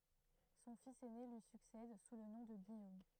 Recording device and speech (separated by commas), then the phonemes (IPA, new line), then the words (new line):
throat microphone, read sentence
sɔ̃ fis ɛne lyi syksɛd su lə nɔ̃ də ɡijom
Son fils aîné lui succède sous le nom de Guillaume.